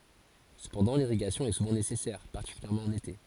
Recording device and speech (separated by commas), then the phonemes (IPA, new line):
forehead accelerometer, read sentence
səpɑ̃dɑ̃ liʁiɡasjɔ̃ ɛ suvɑ̃ nesɛsɛʁ paʁtikyljɛʁmɑ̃ ɑ̃n ete